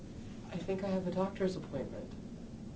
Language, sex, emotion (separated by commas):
English, male, neutral